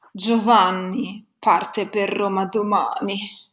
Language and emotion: Italian, disgusted